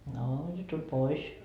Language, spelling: Finnish, no ja tuli pois
- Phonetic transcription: noo ja 'tuĺ "pois .

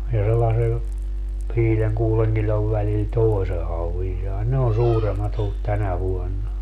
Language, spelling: Finnish, ja sellaisen viiden kuuden kilon välillä toisen hauen sai ne on suuremmat ollut tänä vuonna
- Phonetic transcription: ja sellase , 'viileŋ 'kuuleŋ kiĺov välil "toi̮se 'hauvin sai 'ne on 'suuremmat ‿ollut "tänä 'vuonna .

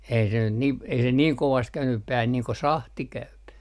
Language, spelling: Finnish, ei se nyt niin ei se niin kovasti käynyt päähän niin kuin sahti käy
- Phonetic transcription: ei se nyt nim , ei se 'niiŋ 'kovast 'käynyp 'päähän nii ko "sahti 'käyp .

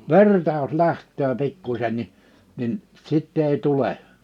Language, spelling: Finnish, verta jos lähtee pikkuisen niin niin sitten ei tule
- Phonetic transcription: verta jos 'läht̆töö 'pikkuśen ni , nin , 'sitt ‿èi 'tule .

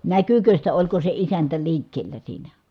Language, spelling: Finnish, näkyykö sitä oliko se isäntä liikkeellä siinä
- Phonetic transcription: näkykö sitä , oĺko se isäntä liikkeellä siinä ?

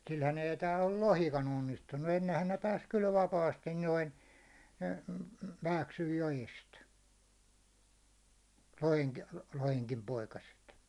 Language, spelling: Finnish, sillähän ei täällä ole lohikaan onnistunut ennenhän ne pääsi kyllä vapaasti noin mm mm Vääksyn joesta - lohenkin poikaset
- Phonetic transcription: 'silhän ei tääll ‿o 'lohika'n ‿onnistunnu , ennehän ne 'pääs kyl 'vapaastin noin , m̥ m̥ , 'Vääksyj 'jojest , 'loheŋki- , 'loheŋkim 'poikaset .

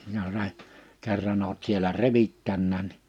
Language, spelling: Finnish, jos se kerran olet siellä revittänytkin niin
- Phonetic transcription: (jos se) , 'kerran ‿oot sielä "revittännään ni « ,.

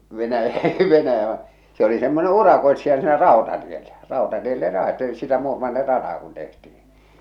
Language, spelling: Finnish, - Venäjä vaan se oli semmoinen urakoitsija siinä rautatiellä rautatielle - sitä Muurmannin rataa kun tehtiin
- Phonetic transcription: Venäj- , Venäjä ᵛᵃ , se ‿oli semmone 'urakoḙtsija siinä "ràotatiellä , 'ràotatielle raete- sitä 'Muurmannir "rataa kun tehtih̬in̬ .

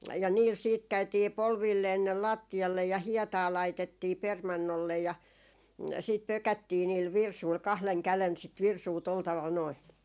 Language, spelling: Finnish, ja niillä sitten käytiin polvilleen sinne lattialle ja hietaa laitettiin permannolle ja sitten pökättiin niillä virsuilla kahden käden sitä virsua tuolla tavalla noin
- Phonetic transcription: ja niil 'siit käytii "polvilleen (sin)nel 'laatti₍allej ja "hiɛtaa laitettii 'permannollej ja , siit 'pökättii niil "virsuil 'kahleŋ 'kälen sit 'virsuu tol taval noi .

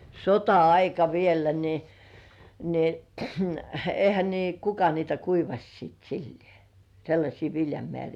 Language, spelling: Finnish, sota-aika vielä niin niin eihän niin kuka niitä kuivasi sitten sillä lailla sellaisia viljamääriä
- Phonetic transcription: sota₍aika 'viellä ni , ni ehä nii "kuka niitä 'kuivaś sìt sillĭè , 'sellaśii "viljamĕä̀rii .

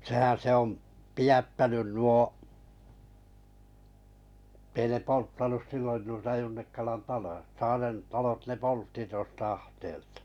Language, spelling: Finnish, sehän se on pidättänyt nuo että ei ne polttanut silloin noita Junnikkalan taloja Saaren talot ne poltti tuosta ahteelta
- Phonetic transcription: 'sehän se ‿om , 'pijättänyn nuo , [et]tei ne 'polttanus 'sillon nuita 'Junnikkalan 'taloʲᵃ 'Saaren 'talot ne "poltti tᵘos 't ‿ahteeltᴀ .

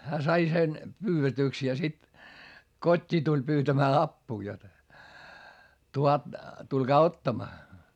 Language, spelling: Finnish, hän sai sen pyydetyksi ja sitten kotiin tuli pyytämään apua jotta tulkaa ottamaan
- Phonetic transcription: hää sai sen , pyyvetỳks ja sit , kot́t́ii tuĺ pyytämää appuu jot , tulkaa ottamaa .

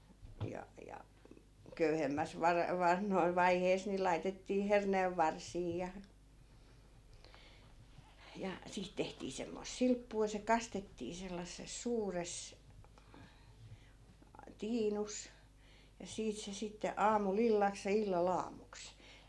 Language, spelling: Finnish, ja ja köyhemmässä - - vaiheessa niin laitettiin herneenvarsia ja ja siitä tehtiin semmoista silppua ja se kastettiin sellaisessa suuressa tiinussa ja siitä se sitten aamulla illaksi ja illalla aamuksi
- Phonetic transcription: ja ja , 'köyhemmäs 'var- , 'van(na-) 'vaihees ni 'laitettii "herneevvarsii ja , ja 'siit tehtii 'semmoⁱs "silppuu ja se 'kastettii sellasses 'suures , 'tiinus , ja 'siit se sitte 'aamu"l ‿illaks ja "illa'l ‿aamuks .

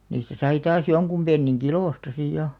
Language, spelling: Finnish, niistä sai taas jonkun pennin kilosta sitten ja
- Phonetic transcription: niistä 'sai taas "joŋkum ʙenniŋ "kilòsta 'sìj 'ja .

